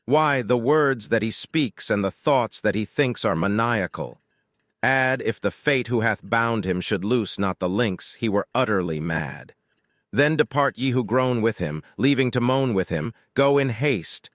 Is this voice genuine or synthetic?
synthetic